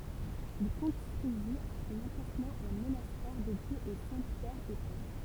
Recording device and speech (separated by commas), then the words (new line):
temple vibration pickup, read sentence
Il construisit à son emplacement un monastère dédié aux saints Pierre et Paul.